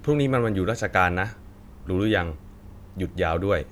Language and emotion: Thai, neutral